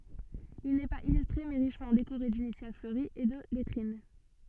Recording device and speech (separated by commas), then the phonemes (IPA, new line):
soft in-ear microphone, read sentence
il nɛ paz ilystʁe mɛ ʁiʃmɑ̃ dekoʁe dinisjal fløʁiz e də lɛtʁin